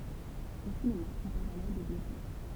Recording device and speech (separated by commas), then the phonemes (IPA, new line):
temple vibration pickup, read sentence
o sinema ɔ̃ paʁl alɔʁ də bjopik